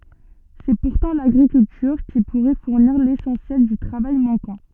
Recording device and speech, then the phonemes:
soft in-ear microphone, read sentence
sɛ puʁtɑ̃ laɡʁikyltyʁ ki puʁɛ fuʁniʁ lesɑ̃sjɛl dy tʁavaj mɑ̃kɑ̃

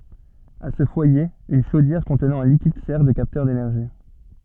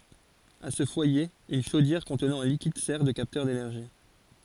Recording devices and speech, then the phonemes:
soft in-ear microphone, forehead accelerometer, read sentence
a sə fwaje yn ʃodjɛʁ kɔ̃tnɑ̃ œ̃ likid sɛʁ də kaptœʁ denɛʁʒi

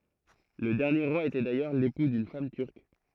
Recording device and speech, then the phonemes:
throat microphone, read sentence
lə dɛʁnje ʁwa etɛ dajœʁ lepu dyn fam tyʁk

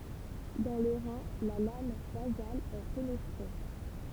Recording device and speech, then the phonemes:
temple vibration pickup, read sentence
dɑ̃ lə ʁɛ̃ la lam bazal ɛ fənɛstʁe

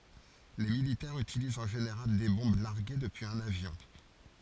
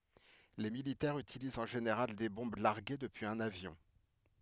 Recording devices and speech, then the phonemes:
forehead accelerometer, headset microphone, read sentence
le militɛʁz ytilizt ɑ̃ ʒeneʁal de bɔ̃b laʁɡe dəpyiz œ̃n avjɔ̃

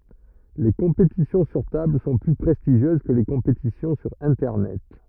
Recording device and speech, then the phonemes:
rigid in-ear microphone, read sentence
le kɔ̃petisjɔ̃ syʁ tabl sɔ̃ ply pʁɛstiʒjøz kə le kɔ̃petisjɔ̃ syʁ ɛ̃tɛʁnɛt

